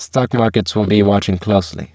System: VC, spectral filtering